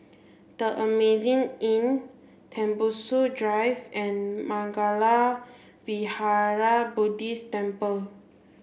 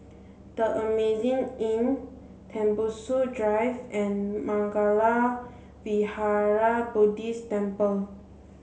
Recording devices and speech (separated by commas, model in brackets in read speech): boundary microphone (BM630), mobile phone (Samsung C7), read sentence